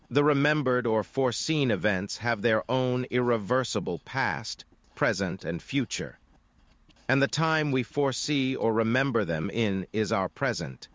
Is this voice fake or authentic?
fake